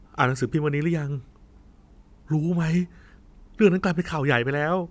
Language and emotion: Thai, sad